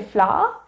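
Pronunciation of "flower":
The word is pronounced incorrectly here.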